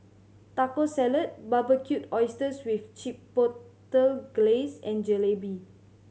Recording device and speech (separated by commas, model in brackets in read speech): mobile phone (Samsung C7100), read sentence